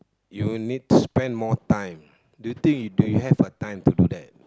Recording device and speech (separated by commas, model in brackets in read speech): close-talking microphone, conversation in the same room